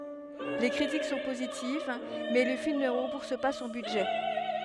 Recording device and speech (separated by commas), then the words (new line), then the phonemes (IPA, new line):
headset microphone, read sentence
Les critiques sont positives, mais le film ne rembourse pas son budget.
le kʁitik sɔ̃ pozitiv mɛ lə film nə ʁɑ̃buʁs pa sɔ̃ bydʒɛ